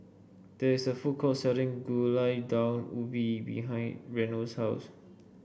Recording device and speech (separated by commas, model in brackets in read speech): boundary microphone (BM630), read sentence